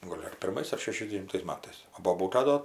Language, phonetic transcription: Lithuanian, ˈgol' ar pirˈmais ar šešiasdevinˈtais ˈmatais o boˈbūta ˈdo

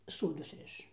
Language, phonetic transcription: Lithuanian, ˈsodus ˈriš

